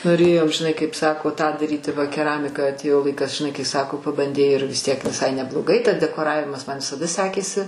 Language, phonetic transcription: Lithuanian, noˈrėjau žiˈnai kaip saˈko ˈtą daˈryti ˈva keˈramika atˈėjo ˈlaikas žiˈnai kai ˈsako pabanˈdei ir vis ˈtiek viˈsai nebloˈgai tas dekoˈravimas ˈman visaˈda ˈsekėsi

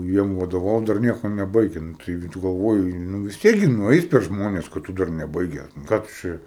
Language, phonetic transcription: Lithuanian, ˈjiem vadoˈvaut dar ˈnieko neˈbaige ˈnu ˈtaigi tu galˈvoji ˈnu vis ˈtiek gi nuˈeis per ˈžmones ka ˈtu dar neˈbaiges nu ˈką tu ˈčia

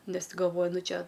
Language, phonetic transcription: Lithuanian, ˈnes ˈti galˈvoju ˈnu ˈčia

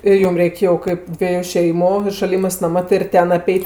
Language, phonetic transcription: Lithuanian, ir ˈjum ˈreik' jau ˈkaip ˈdvieju ˈšeimu i šaˈlimɜs maˈma ti ir ˈten aˈpeit'

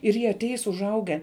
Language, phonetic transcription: Lithuanian, ir ˈjie aˈteis užˈauge

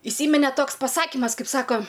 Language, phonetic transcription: Lithuanian, iˈsymine ˈtoks paˈsakimas ˈkaip ˈsako

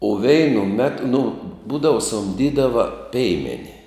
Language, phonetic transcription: Lithuanian, u ˈveinu ˈmetu nu ˈbūdavu sumˈdydava ˈpeimeni

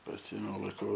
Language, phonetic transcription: Lithuanian, paˈsiėmiau laiˈkau

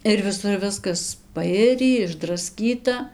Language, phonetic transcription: Lithuanian, ir viˈsur ˈviskas paˈirį išdraˈskyta

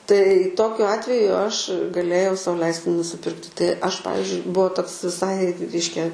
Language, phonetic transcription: Lithuanian, tai ˈtokiu ˈatveju ˈaš gaˈlėjau ˈsau ˈleisti nusiˈpirkti tai aš ˈpavizdžiui ˈbuo ˈtoks viˈsai ˈreiškia

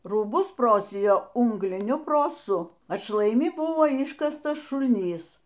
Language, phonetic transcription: Lithuanian, rūˈbus ˈprosijo ˈūngliniu proˈsu atšlaiˈmi ˈbuvo ˈiškastas šulˈnys

